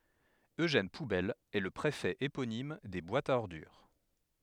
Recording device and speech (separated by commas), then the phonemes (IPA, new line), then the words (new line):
headset microphone, read sentence
øʒɛn pubɛl ɛ lə pʁefɛ eponim de bwatz a ɔʁdyʁ
Eugène Poubelle est le préfet éponyme des boîtes à ordures.